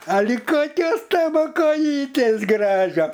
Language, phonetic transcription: Lithuanian, aˈli ˈkokios ˈtavo koˈjytės ˈgražio

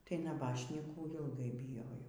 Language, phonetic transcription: Lithuanian, ˈtai naˈbašnykų ilˈgai biˈjojau

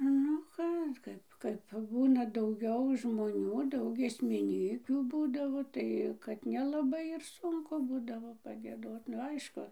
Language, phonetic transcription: Lithuanian, ˈnu ˈką ˈkaip kaip ˈbūna dauˈgiau žmoˈnių ˈdaug giesmiˈnykių ˈbūdavo ˈtai kad nelaˈbai ir ˈsunku ˈbūdavo pagieˈdot nu ˈaišku

